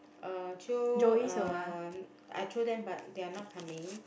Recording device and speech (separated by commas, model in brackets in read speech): boundary microphone, conversation in the same room